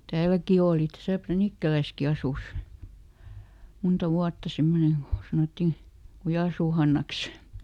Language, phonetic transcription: Finnish, "tääläki ˈooli täsä "Pränikkäläski asus , ˈmunta ˈvuatta ˈsemmoneŋ Go , ˈsanottì , "Kujàsuu ˈHannaks .
- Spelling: täälläkin oli tässä Pränikkälässäkin asui monta vuotta semmoinen kun sanottiin Kujansuun Hannaksi

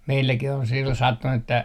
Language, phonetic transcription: Finnish, 'meilläkih ‿on sillon 'sattunu että ,.
- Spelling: meilläkin on silloin sattunut että

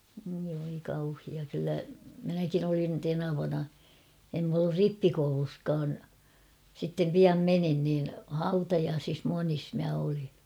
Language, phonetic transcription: Finnish, oi voi 'kauhia kyllä , 'minäkin ‿olin 'tenavana , em m ‿ollur "rippikouluskaan , sittem 'piam "menin niin , "hautajaasis 'monis mä oliɴ .
- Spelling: oi voi kauhea kyllä minäkin olin tenavana en minä ollut rippikoulussakaan sitten pian menin niin hautajaisissa monissa minä olin

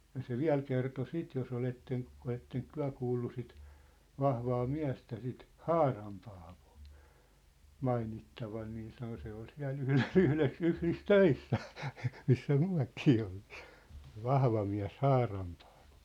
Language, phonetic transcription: Finnish, ja se "viä̭l kerto "sit jos ‿oletten , 'oletteŋk "tyä̭ kuullu sit , 'vahvaa "miä̭stä sit , "Haaram Paavᴏᴏ , "mainittavan nii sano » se ‿ol siä̭l 'yhles , 'yhles 'yh̳l̳is "töissä , missä 'myä̭kii oltɪɪ , se "vahva miä̭s "Haaram ᴘᴀᴀᴠᴏ . «
- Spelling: ja se vielä kertoi sitten jos olette oletteko te kuullut sitten vahvaa miestä sitä Haaran Paavoa mainittavan niin sanoi se oli siellä yhdessä yhdessä - töissä missä mekin oltiin se vahva mies Haaran Paavo

